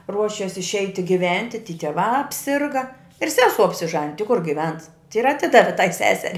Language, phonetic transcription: Lithuanian, ˈruošes išˈeiti giˈventi ty tieˈvā apˈsirga ir ˈsesuo apsiˈžanij ti kur giˈvens ir aˈtidavi tai ˈseseri

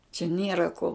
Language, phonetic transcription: Lithuanian, čia ˈniera ko

